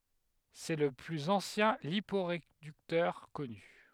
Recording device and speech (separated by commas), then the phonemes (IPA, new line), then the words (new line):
headset microphone, read sentence
sɛ lə plyz ɑ̃sjɛ̃ lipoʁedyktœʁ kɔny
C'est le plus ancien liporéducteur connu.